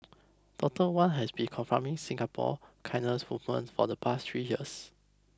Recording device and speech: close-talking microphone (WH20), read sentence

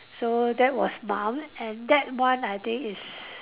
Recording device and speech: telephone, conversation in separate rooms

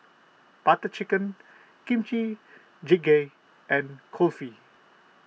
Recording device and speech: mobile phone (iPhone 6), read sentence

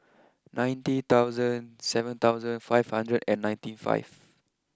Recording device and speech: close-talking microphone (WH20), read sentence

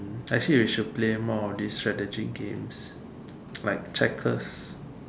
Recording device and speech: standing microphone, conversation in separate rooms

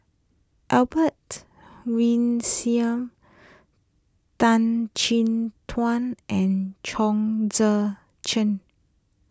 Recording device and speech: close-talking microphone (WH20), read sentence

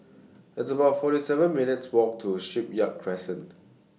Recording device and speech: mobile phone (iPhone 6), read sentence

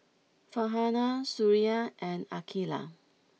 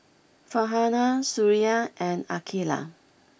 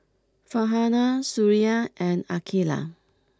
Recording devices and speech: mobile phone (iPhone 6), boundary microphone (BM630), close-talking microphone (WH20), read sentence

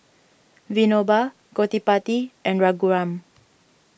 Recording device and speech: boundary microphone (BM630), read sentence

